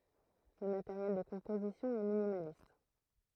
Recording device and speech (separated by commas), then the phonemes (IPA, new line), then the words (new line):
throat microphone, read sentence
lə mateʁjɛl də kɔ̃pozisjɔ̃ ɛ minimalist
Le matériel de composition est minimaliste.